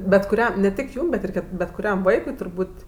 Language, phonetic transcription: Lithuanian, bet kuˈriam ne ˈtik ˈjūm bet ˈir bet kuˈriam ˈvaikui turˈbūt'

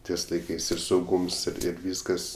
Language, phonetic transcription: Lithuanian, ˈties laiˈkais ir sauˈgūms ir ir ˈvyskas

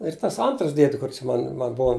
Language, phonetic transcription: Lithuanian, ir tas ˈantras ˈdiedi ˈkur čia ˈman man ˈbua

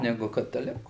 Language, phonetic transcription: Lithuanian, ˈnegu kataˈliku

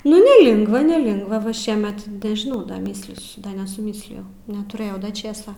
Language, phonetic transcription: Lithuanian, nu neˈlingva neˈlingva va ˈšiemet nežiˈnau ˈdar ˈmįslysiu ˈda nesuˈmyslijau netuˈrėjau ˈda ˈčėsa

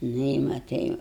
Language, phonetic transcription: Lithuanian, ˈnu i matai

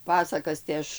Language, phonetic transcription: Lithuanian, ˈpasakas tai ˈaš

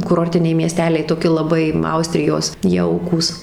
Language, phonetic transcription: Lithuanian, kuˈrortiniai mieˈsteliai toˈki laˈbai ˈaustrijos ˈjaukūs

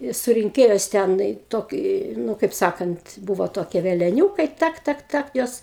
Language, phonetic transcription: Lithuanian, i surinˈkėjos ˈten i ˈtoki ˈnu kaip ˈsakant ˈbūvo ˈtokie veleˈniūkai ˈtak ˈtak ˈtak ˈjos

